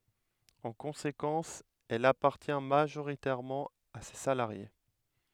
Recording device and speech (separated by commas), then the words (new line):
headset microphone, read sentence
En conséquence, elle appartient majoritairement à ses salariés.